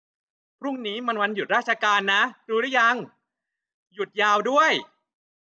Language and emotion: Thai, happy